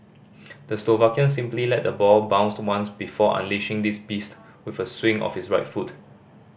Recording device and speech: boundary microphone (BM630), read sentence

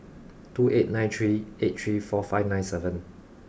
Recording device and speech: boundary microphone (BM630), read sentence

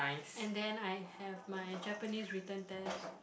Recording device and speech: boundary microphone, conversation in the same room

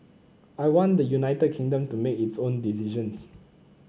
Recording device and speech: mobile phone (Samsung C9), read sentence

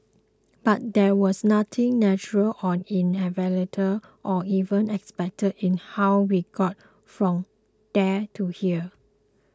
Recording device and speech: close-talking microphone (WH20), read sentence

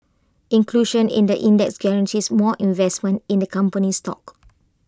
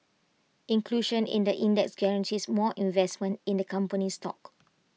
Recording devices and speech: close-talking microphone (WH20), mobile phone (iPhone 6), read sentence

